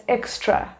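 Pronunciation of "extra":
'Extra' is pronounced correctly here.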